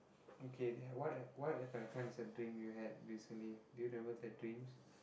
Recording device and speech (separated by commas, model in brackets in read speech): boundary microphone, conversation in the same room